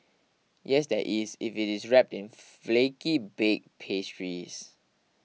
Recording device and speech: mobile phone (iPhone 6), read sentence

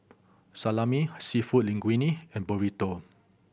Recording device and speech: boundary microphone (BM630), read sentence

